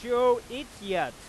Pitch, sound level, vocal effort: 240 Hz, 104 dB SPL, loud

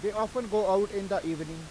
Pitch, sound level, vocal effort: 200 Hz, 96 dB SPL, very loud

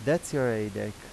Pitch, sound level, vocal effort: 120 Hz, 86 dB SPL, normal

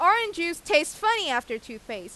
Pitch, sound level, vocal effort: 255 Hz, 97 dB SPL, loud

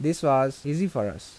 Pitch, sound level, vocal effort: 135 Hz, 84 dB SPL, normal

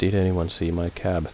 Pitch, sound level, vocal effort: 85 Hz, 76 dB SPL, soft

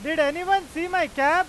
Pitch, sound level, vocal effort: 330 Hz, 104 dB SPL, very loud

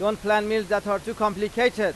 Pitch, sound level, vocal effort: 210 Hz, 97 dB SPL, very loud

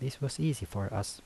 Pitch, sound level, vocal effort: 130 Hz, 75 dB SPL, soft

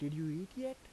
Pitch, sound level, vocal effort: 165 Hz, 84 dB SPL, soft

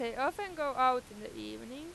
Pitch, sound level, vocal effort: 255 Hz, 96 dB SPL, loud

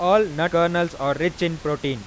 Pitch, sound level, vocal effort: 170 Hz, 96 dB SPL, normal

